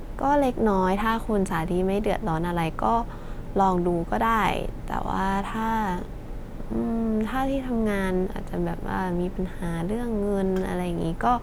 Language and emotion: Thai, neutral